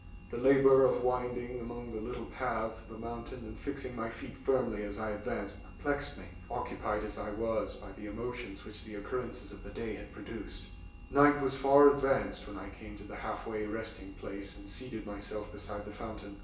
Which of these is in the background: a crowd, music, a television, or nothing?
Nothing.